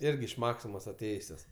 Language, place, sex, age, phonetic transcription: Lithuanian, Aukštaitija, male, 18-60, ˈirgi iš ˈmaksimos aˈtėjusios

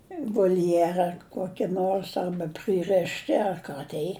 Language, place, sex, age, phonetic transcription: Lithuanian, Žemaitija, female, 60+, i volˈjera ˈkoki ˈnors ˈarba ˈprɨrešti ar ˈką tei

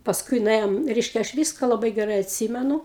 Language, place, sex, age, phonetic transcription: Lithuanian, Aukštaitija, female, 60+, pasˈkui nuˈėjom ˈreiškia aš ˈvyska laˈbai geˈrai atˈsymenu

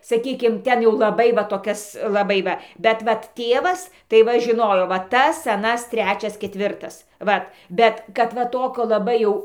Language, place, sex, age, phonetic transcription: Lithuanian, Dzūkija, female, 60+, saˈkykim ˈten jau laˈbai va toˈkias laˈbai va bet ˈvat ˈtėvas tai ˈva žiˈnojo va ˈtas aˈnas ˈtrečias ketˈvirtas ˈvat ˈbet kad ˈva ˈtokio laˈbai jau

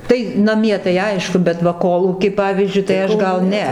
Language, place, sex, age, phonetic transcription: Lithuanian, Dzūkija, female, 60+, ˈtai naˈmie tai ˈaišku bet ˈva ˈkolūky ˈpavyzdžiui tai ˈaš ˈgal ˈne

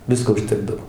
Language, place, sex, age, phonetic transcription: Lithuanian, Dzūkija, male, 60+, ˈvisko užˈtekdav

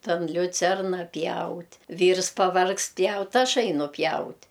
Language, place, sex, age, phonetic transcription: Lithuanian, Aukštaitija, female, 60+, tan liuˈcerna ˈpjaut' ˈvyrs paˈvargst ˈpjaut ˈaš ˈainu ˈpjaut'

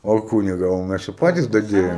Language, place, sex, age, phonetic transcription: Lithuanian, Aukštaitija, male, 18-60, o ˈkūniga o ˈmæs jau ˈpatis daˈdiejom

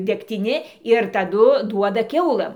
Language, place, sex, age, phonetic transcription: Lithuanian, Dzūkija, female, 60+, degtiˈni ir taˈdu ˈduoda ˈkiaulɘm

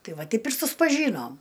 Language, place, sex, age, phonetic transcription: Lithuanian, Aukštaitija, female, 60+, ˈtai ˈva ˈteip ir suspaˈžynom

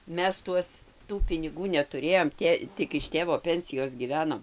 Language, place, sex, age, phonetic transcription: Lithuanian, Dzūkija, female, 60+, ˈmes ˈtuos ˈtų piniˈgų netuˈrėjom ˈtė ˈtik iš ˈtėvo ˈpensijos gyˈvenom

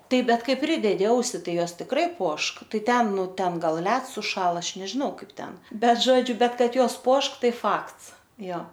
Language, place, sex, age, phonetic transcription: Lithuanian, Aukštaitija, female, 18-60, ˈtaip ˈbet ˈkai ˈpridedi ˈausi ˈtai ˈjos tikˈrai ˈpuošk ˈtai ˈten ˈnu ˈten ˈgal ˈleds suˈšąla ˈaš nežiˈnau ˈkaip ˈten ˈbet ˈžodžiu ˈbet ˈkad ˈjos ˈpuošk ˈtai ˈfakts ˈjo

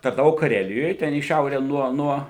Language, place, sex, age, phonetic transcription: Lithuanian, Suvalkija, male, 60+, tarnaˈvau kaˈrelijoj ten į ˈšiaure ˈnuo ˈnuo

